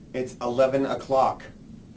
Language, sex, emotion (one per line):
English
male
disgusted